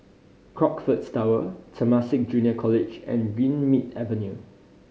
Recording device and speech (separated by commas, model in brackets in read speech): mobile phone (Samsung C5010), read sentence